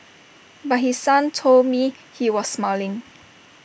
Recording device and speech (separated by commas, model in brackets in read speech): boundary microphone (BM630), read sentence